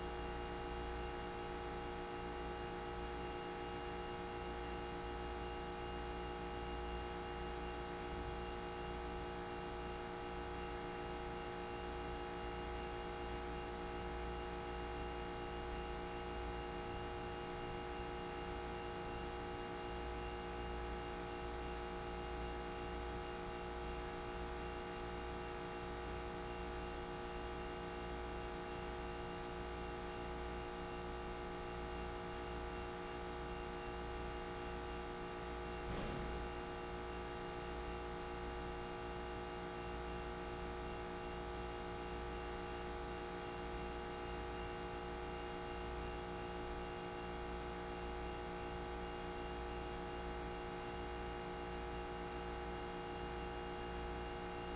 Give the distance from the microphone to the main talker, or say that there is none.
No talker.